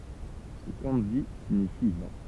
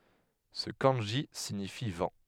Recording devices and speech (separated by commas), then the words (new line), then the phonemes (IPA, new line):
temple vibration pickup, headset microphone, read sentence
Ce kanji signifie vent.
sə kɑ̃ʒi siɲifi vɑ̃